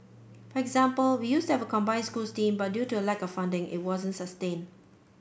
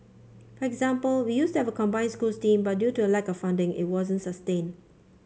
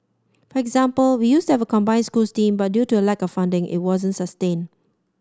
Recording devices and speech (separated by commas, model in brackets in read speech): boundary microphone (BM630), mobile phone (Samsung C5), standing microphone (AKG C214), read sentence